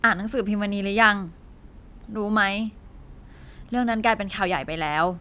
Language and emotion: Thai, frustrated